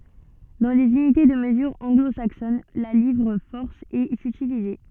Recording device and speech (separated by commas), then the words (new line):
soft in-ear microphone, read sentence
Dans les unités de mesure anglo-saxonnes, la livre-force est utilisée.